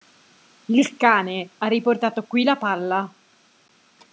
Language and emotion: Italian, angry